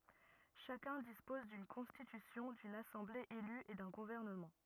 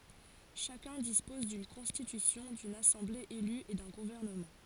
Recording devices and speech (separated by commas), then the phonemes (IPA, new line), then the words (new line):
rigid in-ear microphone, forehead accelerometer, read sentence
ʃakœ̃ dispɔz dyn kɔ̃stitysjɔ̃ dyn asɑ̃ble ely e dœ̃ ɡuvɛʁnəmɑ̃
Chacun dispose d'une constitution, d'une assemblée élue et d'un gouvernement.